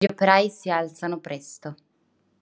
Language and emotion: Italian, neutral